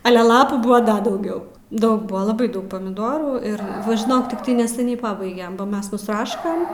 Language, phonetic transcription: Lithuanian, ˈale ˈlapų ˈbua ˈda dauˈgiau ˈdaug ˈbua laˈbai ˈdaug pamiˈdorų ir ˈva žiˈnok tikˈtai neseˈniai ˈpabaigem ˈmes nusˈraškam

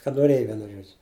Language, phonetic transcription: Lithuanian, kad noˈrėja ˈvienu ˈžuodžiu

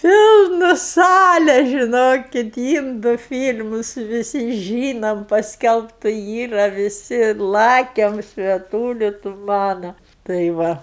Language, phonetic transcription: Lithuanian, ˈpilnu ˈsale žiˈnokit ˈyndu ˈfyl'mus viˈsi ˈžynom pasˈkelbtu ˈyra viˈsi ˈlakem svieˈtūli tu ˈmana tai ˈva

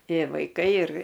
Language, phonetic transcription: Lithuanian, ˈtė vaiˈkai ir

